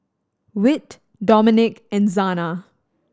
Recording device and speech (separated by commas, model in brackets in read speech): standing microphone (AKG C214), read sentence